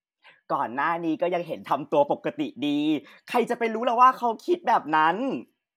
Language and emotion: Thai, happy